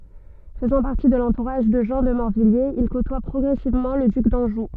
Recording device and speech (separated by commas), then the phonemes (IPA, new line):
soft in-ear microphone, read sentence
fəzɑ̃ paʁti də lɑ̃tuʁaʒ də ʒɑ̃ də mɔʁvijjez il kotwa pʁɔɡʁɛsivmɑ̃ lə dyk dɑ̃ʒu